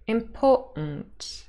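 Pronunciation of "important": In 'important', the first t sound is said as a glottal stop.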